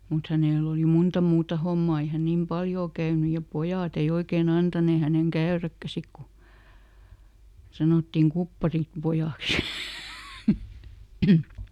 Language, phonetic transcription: Finnish, mut ˈhänèl ‿oli "munta ˈmuuta "hommaa ˈei hä ˈnim "paljoo käyny ja ˈpojàt ‿ei ˈoikeeˈn ‿antanee häneŋ "käöräkkä ˈsik ku , ˈsanòttim "kupparim- , ˈ-pojàks .
- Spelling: mutta hänellä oli monta muuta hommaa ei hän niin paljon käynyt ja pojat ei oikein antaneet hänen käydäkään sitten kun sanottiin - kupparinpojaksi

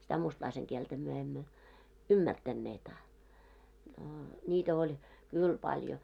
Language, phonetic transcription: Finnish, sitä 'mustlaiseŋ kieltä myö emmö , "ymmärtänneet a , noo , ńiitä oĺ , 'kỳl paljo .
- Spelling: sitä mustalaisen kieltä me emme ymmärtäneet a no niitä oli kyllä paljon

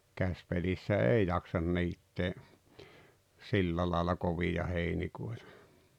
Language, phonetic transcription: Finnish, 'käspelissä "èi jaksan 'niittee , 'sillä láela 'kovija 'heinikòetᴀ .
- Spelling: käsipelissä ei jaksa niittää sillä lailla kovaa heinikoita

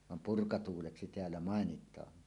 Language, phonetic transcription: Finnish, 'nii , vam "purkatuuleksi 'teällä "màenit̀aa .
- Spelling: niin vaan purkatuuleksi täällä mainitaan

